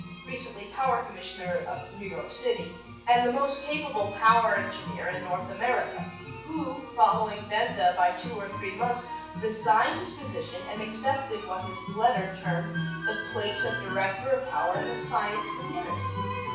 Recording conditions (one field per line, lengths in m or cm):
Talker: one person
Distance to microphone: 9.8 m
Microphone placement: far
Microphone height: 1.8 m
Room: large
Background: music